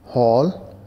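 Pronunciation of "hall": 'Hall' is pronounced correctly here.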